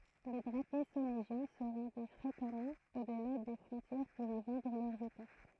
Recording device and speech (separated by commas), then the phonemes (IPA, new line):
throat microphone, read sentence
le dʁapje soneʒjɛ̃ sə ʁɑ̃dɛ fʁekamɑ̃ odla de fʁɔ̃tjɛʁ puʁ i vɑ̃dʁ lœʁz etɔf